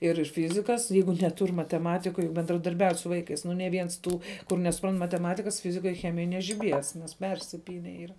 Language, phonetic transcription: Lithuanian, ir ˈfizikas ˈjeigu neˈtur' mateˈmatikoj bendradarˈbiaut' su ˈvaikais nu ne ˈviens ˈtų kur nesuˈprant mateˈmatikas ˈfizikoj ˈchemijoj nežiˈbies nes ˈpersipyne ˈyra

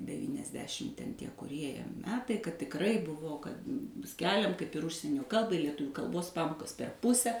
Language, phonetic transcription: Lithuanian, devyniasˈdešim ten tie kuˈrie ˈjie ˈmetai kad tikˈrai ˈbuvo kad ˈskeliam kaip ir ˈužsienio ˈkalbai lieˈtuvių kalˈbos ˈpamokas per ˈpuse

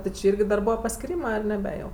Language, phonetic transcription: Lithuanian, ti či ˈyrgi dar ˈbūva paskiˈrymɜ ar neˈbe jau

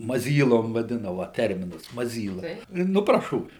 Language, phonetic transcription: Lithuanian, maˈzylom vaˈdina ˈva ˈterminas maˈzyla ˈnu praˈšovi

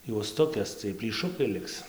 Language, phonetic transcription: Lithuanian, juosˈtukės ciej plyˈšukai ˈliks

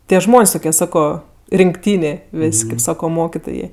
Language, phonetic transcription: Lithuanian, ˈtie ˈžmon's' ˈtukie ˈsako rinkˈtynė ˈvės' kaip ˈsako ˈmokitojė

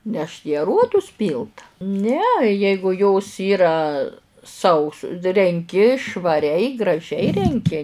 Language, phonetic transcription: Lithuanian, nešt į aˈruodus ˈpylt ne ˈjeigu jos ˈyra ˈsaus renˈki švaˈriai graˈžiai renˈki

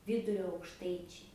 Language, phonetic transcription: Lithuanian, ˈvydurio aukšˈtaičiai

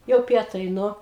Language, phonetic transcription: Lithuanian, jau ˈpietai ˈnu

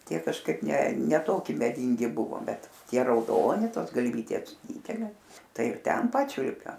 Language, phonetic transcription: Lithuanian, ˈtie kažˈkaip ˈne ne ˈtoki meˈdyngi ˈbuvo ˈbet ˈtie rauˈdoni ˈtos galˈvytės ˈdydelė ˈtai ir ˈten ˈpačiulpiam

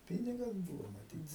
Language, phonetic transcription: Lithuanian, ˈpynigas ˈbūvo maˈtyt

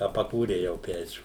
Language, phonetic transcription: Lithuanian, a paˈkūrei jau ˈpečių

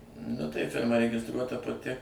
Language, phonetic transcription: Lithuanian, nu tai ˈfirma regisˈtruota paˈti

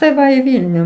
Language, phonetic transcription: Lithuanian, tai ˈva į ˈvylnių

